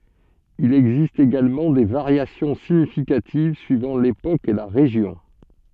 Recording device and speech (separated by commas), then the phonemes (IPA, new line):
soft in-ear microphone, read sentence
il ɛɡzist eɡalmɑ̃ de vaʁjasjɔ̃ siɲifikativ syivɑ̃ lepok e la ʁeʒjɔ̃